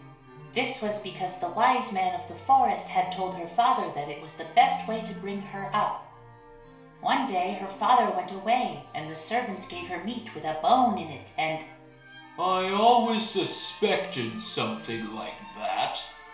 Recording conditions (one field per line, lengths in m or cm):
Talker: one person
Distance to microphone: 1.0 m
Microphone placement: close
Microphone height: 1.1 m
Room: small (3.7 m by 2.7 m)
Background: music